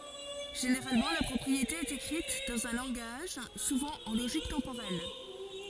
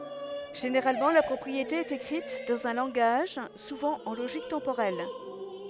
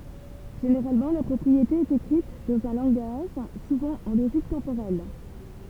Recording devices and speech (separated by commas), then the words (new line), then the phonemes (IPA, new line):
forehead accelerometer, headset microphone, temple vibration pickup, read sentence
Généralement, la propriété est écrite dans un langage, souvent en logique temporelle.
ʒeneʁalmɑ̃ la pʁɔpʁiete ɛt ekʁit dɑ̃z œ̃ lɑ̃ɡaʒ suvɑ̃ ɑ̃ loʒik tɑ̃poʁɛl